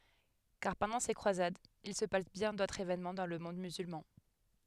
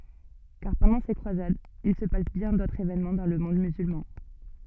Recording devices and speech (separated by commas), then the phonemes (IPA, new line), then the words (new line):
headset microphone, soft in-ear microphone, read sentence
kaʁ pɑ̃dɑ̃ se kʁwazadz il sə pas bjɛ̃ dotʁz evenmɑ̃ dɑ̃ lə mɔ̃d myzylmɑ̃
Car, pendant ces croisades, il se passe bien d'autres événements dans le monde musulman.